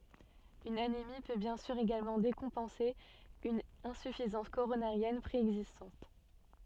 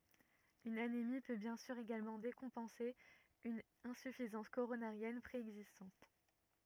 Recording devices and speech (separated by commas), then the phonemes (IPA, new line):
soft in-ear microphone, rigid in-ear microphone, read sentence
yn anemi pø bjɛ̃ syʁ eɡalmɑ̃ dekɔ̃pɑ̃se yn ɛ̃syfizɑ̃s koʁonaʁjɛn pʁeɛɡzistɑ̃t